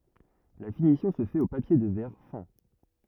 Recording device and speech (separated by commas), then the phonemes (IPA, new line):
rigid in-ear microphone, read sentence
la finisjɔ̃ sə fɛt o papje də vɛʁ fɛ̃